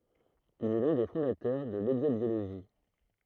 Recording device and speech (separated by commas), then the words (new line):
throat microphone, read sentence
Il est l'un des fondateurs de l'exobiologie.